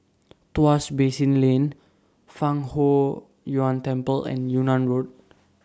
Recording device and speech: standing microphone (AKG C214), read sentence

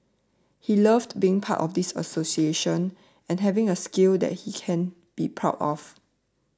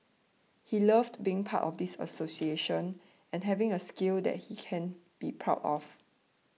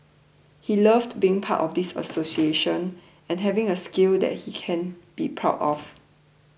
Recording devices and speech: standing microphone (AKG C214), mobile phone (iPhone 6), boundary microphone (BM630), read sentence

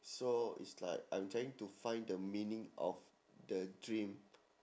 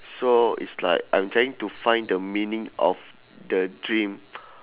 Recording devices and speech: standing microphone, telephone, conversation in separate rooms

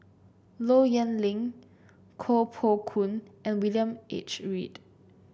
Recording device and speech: boundary microphone (BM630), read sentence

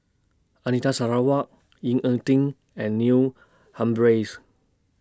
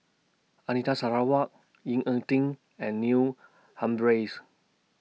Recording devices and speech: standing microphone (AKG C214), mobile phone (iPhone 6), read sentence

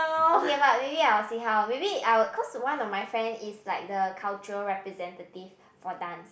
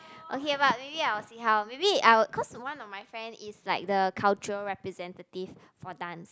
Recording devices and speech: boundary microphone, close-talking microphone, conversation in the same room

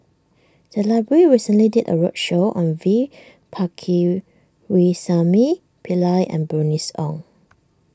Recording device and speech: standing microphone (AKG C214), read sentence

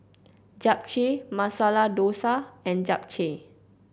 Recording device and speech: boundary microphone (BM630), read sentence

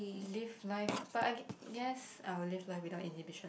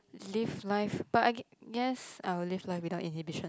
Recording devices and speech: boundary microphone, close-talking microphone, conversation in the same room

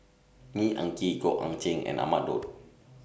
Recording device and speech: boundary microphone (BM630), read sentence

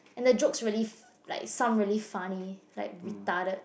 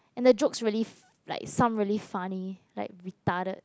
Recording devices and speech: boundary microphone, close-talking microphone, conversation in the same room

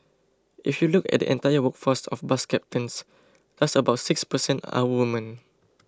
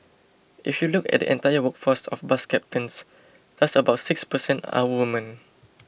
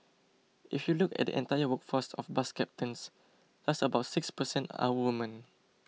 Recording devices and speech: close-talking microphone (WH20), boundary microphone (BM630), mobile phone (iPhone 6), read sentence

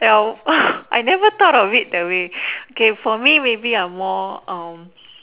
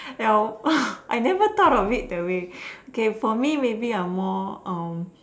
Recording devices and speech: telephone, standing microphone, conversation in separate rooms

